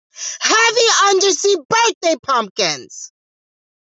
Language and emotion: English, angry